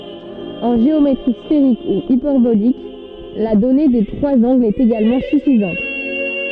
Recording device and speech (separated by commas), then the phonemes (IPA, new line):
soft in-ear microphone, read sentence
ɑ̃ ʒeometʁi sfeʁik u ipɛʁbolik la dɔne de tʁwaz ɑ̃ɡlz ɛt eɡalmɑ̃ syfizɑ̃t